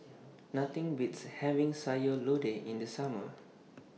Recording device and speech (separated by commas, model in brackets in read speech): mobile phone (iPhone 6), read sentence